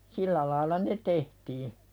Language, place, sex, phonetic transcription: Finnish, Pälkäne, female, 'sillä laaila "ne 'tehtii .
- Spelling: sillä lailla ne tehtiin

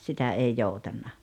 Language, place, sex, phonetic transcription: Finnish, Rautalampi, female, 'sitä 'ei 'joutanna .
- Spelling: sitä ei joutanut

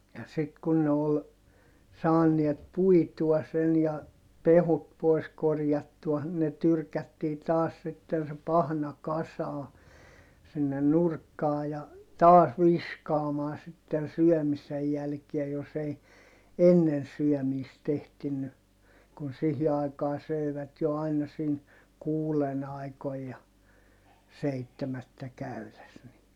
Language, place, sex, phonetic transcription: Finnish, Heinola, male, ja sit kun ne ol , saaniet puitua sen ja , pehut poi̮s korjattua , ne tyrkättii taas sitten se pahna kasaa , sinnen nurkkaa ja , taas viskaamaa sitten̬ syɔ̈̀misej jälkiä jos ‿ei , ennen syɔ̈̀miist ‿ehtinny , kun sihi ai̮kaa sö̀ivät jo aina sin , kuulen ‿aikoij ja , seittemättä käyles ni , .
- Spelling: ja sitten kun ne oli saaneet puitua sen ja pehkut pois korjattua ne tyrkättiin taas sitten se pahna kasaan sinne nurkkaan ja taas viskaamaan sitten syömisen jälkiä jos ei ennen syömistä ehtinyt kun siihen aikaan söivät jo aina siinä kuuden aikoihin ja seitsemättä käydessä niin

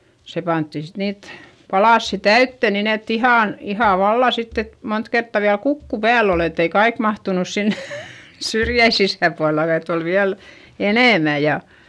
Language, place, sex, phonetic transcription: Finnish, Eurajoki, female, se pantti sit niit , palàssi täyttö nin ‿et ‿ihàn , ihà valla sitt ‿et , mont kertta viäl kukku pääl ‿ol ‿et ‿ei kaik mahtunus sin , syrjäi sisä̀pualla ett ‿ol viäl , enèmä ja ,.
- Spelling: se pantiin sitten niitä palasia täyteen niin että ihan ihan vallan sitten että monta kertaa vielä kukku päällä oli että ei kaikki mahtunut sinne syrjien sisäpuolella että oli vielä enemmän ja

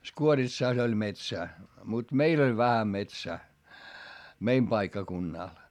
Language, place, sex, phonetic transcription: Finnish, Hietamäki, male, Skuoritsàs ‿oĺ metsää , mut meil ‿oĺ vähä metsää , meim paikkakunnàl .
- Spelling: Skuoritsassa oli metsää mutta meillä oli vähän metsää meidän paikkakunnalla

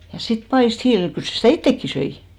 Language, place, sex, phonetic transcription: Finnish, Hinnerjoki, female, ja sit "paist 'hiilil , 'kyl se sitä̀ "ittekki 'söi .
- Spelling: ja sitten paistoi hiilillä kyllä se sitä itsekin söi

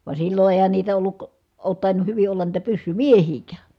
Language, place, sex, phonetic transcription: Finnish, Kitee, female, va sillo èi̮hän niitä olluk , oot tàinuh hyvi ollan niitä pyssymiehiikää .
- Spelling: vaan silloin eihän niitä ollut ole tainnut hyvin olla niitä pyssymiehiäkään

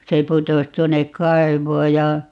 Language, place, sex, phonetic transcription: Finnish, Paavola, female, 'se 'putos 'tuonek "kai̮voo ja , .
- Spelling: se putosi tuonne kaivoon ja

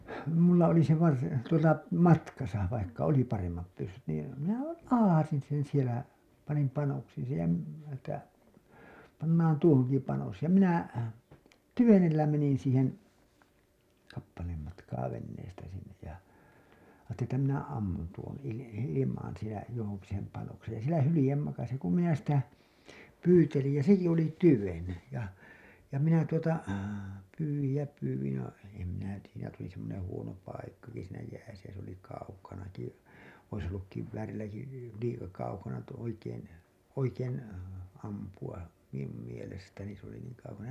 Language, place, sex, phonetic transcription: Finnish, Hailuoto, male, mulla oli se varsi- , tuota "matkasa , vaikka oli 'paremmap pyssyt nii , 'minähäl 'lahasin sen sielä , panim 'panoksiin̬ sej ja , m- , että , pannaan 'tuohoŋki panos ja minä , "tyvenellä menin̬ siihen , 'kappaleem matkaa 'venneestä sinnej ja , aattelin ‿että minä 'ammun tuon ili- , ilimaan̬ sielä 'johoŋki sem 'panoksej ja 'sielä 'hylĭjem makasi ku minä sitä , 'pyytelij ja 'seki oli 'tyven , ja , ja minä tuota , pyywij ja pyywij ja , em minä tiijä ‿nä tuli semmoneḛ huono paik-kaki siinä jääsä jä se ‿oli kaukanaki , ois olluk 'kiv-väärilläki , 'liika 'kaukana tu- , oikeen , 'oikeen , ampu₍a , miⁿum mielestäni s ‿oli 'niiŋ kaukana .
- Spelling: minulla oli se - tuota matkassa vaikka oli paremmat pyssyt niin minähän latasin sen siellä panin panoksiin sen ja - että pannaan tuohonkin panos ja minä tyvenellä menin siihen kappaleen matkaa veneestä sinne ja ajattelin että minä ammun tuon - ilmaan siellä johonkin sen panoksen ja siellä hylje makasi kun minä sitä pyytelin ja sekin oli tyven ja ja minä tuota pyysin ja pyysin ja en minä tiedä siinä tuli semmoinen huono paikkakin siinä jäässä ja se oli kaukanakin olisi ollut kiväärilläkin liika kaukana - oikein oikein ampua minun mielestäni se oli niin kaukana

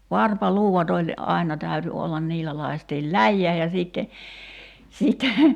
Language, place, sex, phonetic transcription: Finnish, Kerimäki, female, 'varpa"luuwat ‿oĺ , "’aina 'täyty ollan 'niillä lai̬stiil "läjjää ja sìtte , sìtte ,.
- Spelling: varpaluudat oli aina täytyi olla niillä lakaistiin läjään ja sitten sitten

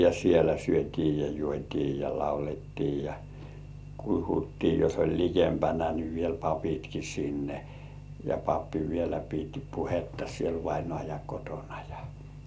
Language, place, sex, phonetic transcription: Finnish, Kurkijoki, male, ja sielä syöt́ii ja 'juot́ii ja 'laulettii ja , 'kuhuttii jos oĺ "likempänä ni viel "papitki sinne , ja "pappi vielä pit 'puhetta siel vainŏàja 'kotonᴀ jᴀ .
- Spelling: ja siellä syötiin ja juotiin ja laulettiin ja puhuttiin jos oli likempänä niin vielä papitkin sinne ja pappi vielä piti puhetta siellä vainajan kotona ja

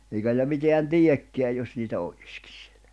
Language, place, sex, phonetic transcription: Finnish, Jämsä, male, eikä nìl̆lä 'miteän "tiekkḙäj jos niitä oʟ̀ɪskɪɴ sɪᴇʟʟᴀ̈ .
- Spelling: eikä niillä mitään teekään jos niitä olisikin siellä

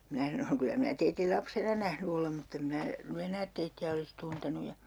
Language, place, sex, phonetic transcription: Finnish, Urjala, female, 'minä sanoŋ » 'kylä minä teitil "lapsena 'nähny olem mutt ‿em 'mⁱⁿä ny 'enäät teitti₍ä olis 'tuntenu » ja , .
- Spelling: minä sanoin kyllä minä teidät lapsena nähnyt olen mutta en minä nyt enää teitä olisi tuntenut ja

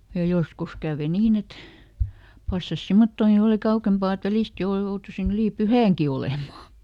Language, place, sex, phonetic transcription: Finnish, Lieto, female, ja ˈjoskus kä̀ve ˈniin ‿et , ˈpassas "simmottooŋki oli ˈka ukempà et ˈvälist jouru- ˈjoutusin ‿ylì "pyhä̀ŋki ˈolèma .
- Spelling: ja joskus kävi niin että passasi semmottoonkin oli - kauempaa että välistä - jouduin yli pyhänkin olemaan

